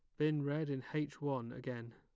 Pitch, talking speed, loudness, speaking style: 140 Hz, 205 wpm, -39 LUFS, plain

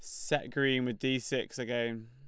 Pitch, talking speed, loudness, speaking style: 130 Hz, 195 wpm, -32 LUFS, Lombard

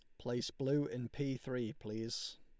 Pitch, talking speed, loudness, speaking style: 120 Hz, 165 wpm, -40 LUFS, Lombard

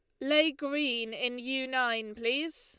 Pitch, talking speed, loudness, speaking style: 260 Hz, 155 wpm, -30 LUFS, Lombard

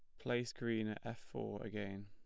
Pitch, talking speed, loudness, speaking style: 105 Hz, 195 wpm, -43 LUFS, plain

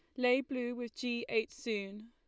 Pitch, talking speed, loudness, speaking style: 245 Hz, 190 wpm, -36 LUFS, Lombard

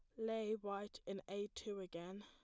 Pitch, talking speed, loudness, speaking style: 205 Hz, 175 wpm, -46 LUFS, plain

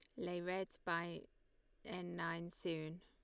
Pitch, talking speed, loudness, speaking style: 175 Hz, 125 wpm, -45 LUFS, Lombard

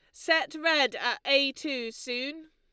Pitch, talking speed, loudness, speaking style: 290 Hz, 155 wpm, -27 LUFS, Lombard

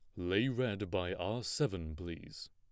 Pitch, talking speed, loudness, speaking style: 100 Hz, 155 wpm, -37 LUFS, plain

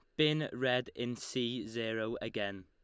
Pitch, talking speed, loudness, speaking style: 120 Hz, 150 wpm, -35 LUFS, Lombard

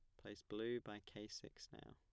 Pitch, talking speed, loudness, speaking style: 105 Hz, 210 wpm, -51 LUFS, plain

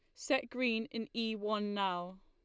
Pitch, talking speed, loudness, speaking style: 225 Hz, 175 wpm, -36 LUFS, Lombard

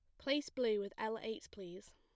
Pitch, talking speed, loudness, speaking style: 220 Hz, 205 wpm, -40 LUFS, plain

